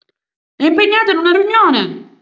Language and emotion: Italian, angry